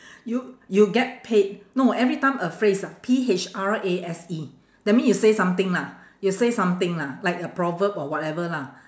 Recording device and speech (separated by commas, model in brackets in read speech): standing microphone, conversation in separate rooms